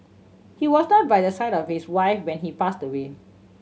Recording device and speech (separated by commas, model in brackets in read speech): mobile phone (Samsung C7100), read sentence